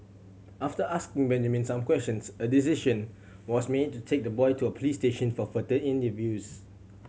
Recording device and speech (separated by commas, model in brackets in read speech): mobile phone (Samsung C7100), read sentence